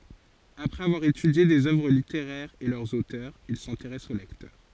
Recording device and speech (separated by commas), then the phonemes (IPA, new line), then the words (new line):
forehead accelerometer, read sentence
apʁɛz avwaʁ etydje dez œvʁ liteʁɛʁz e lœʁz otœʁz il sɛ̃teʁɛs o lɛktœʁ
Après avoir étudié des œuvres littéraires et leurs auteurs, il s’intéresse aux lecteurs.